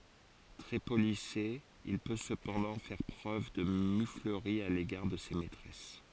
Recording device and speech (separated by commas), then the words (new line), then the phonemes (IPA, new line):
forehead accelerometer, read sentence
Très policé, il peut cependant faire preuve de muflerie à l’égard de ses maîtresses.
tʁɛ polise il pø səpɑ̃dɑ̃ fɛʁ pʁøv də myfləʁi a leɡaʁ də se mɛtʁɛs